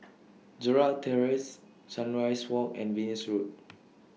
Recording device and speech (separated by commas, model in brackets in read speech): mobile phone (iPhone 6), read sentence